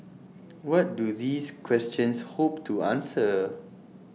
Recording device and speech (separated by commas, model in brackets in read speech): mobile phone (iPhone 6), read sentence